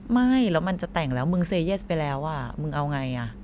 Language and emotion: Thai, frustrated